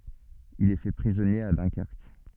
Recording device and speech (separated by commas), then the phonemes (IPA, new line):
soft in-ear microphone, read sentence
il ɛ fɛ pʁizɔnje a dœ̃kɛʁk